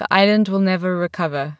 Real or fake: real